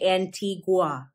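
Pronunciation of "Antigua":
'Antigua' is pronounced incorrectly here.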